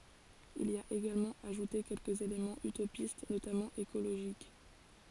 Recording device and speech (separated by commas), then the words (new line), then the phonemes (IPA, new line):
forehead accelerometer, read sentence
Il y a également ajouté quelques éléments utopistes, notamment écologiques.
il i a eɡalmɑ̃ aʒute kɛlkəz elemɑ̃z ytopist notamɑ̃ ekoloʒik